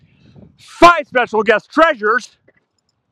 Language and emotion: English, disgusted